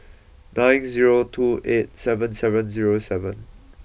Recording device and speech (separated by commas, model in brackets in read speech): boundary microphone (BM630), read sentence